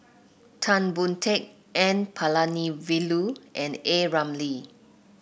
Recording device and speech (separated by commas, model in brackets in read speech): boundary microphone (BM630), read sentence